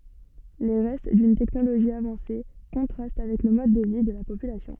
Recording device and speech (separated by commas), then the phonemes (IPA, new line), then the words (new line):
soft in-ear microphone, read sentence
le ʁɛst dyn tɛknoloʒi avɑ̃se kɔ̃tʁast avɛk lə mɔd də vi də la popylasjɔ̃
Les restes d'une technologie avancée contrastent avec le mode de vie de la population.